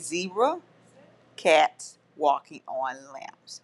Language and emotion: English, angry